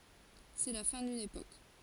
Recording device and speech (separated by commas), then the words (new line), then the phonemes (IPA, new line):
forehead accelerometer, read sentence
C'est la fin d'une époque.
sɛ la fɛ̃ dyn epok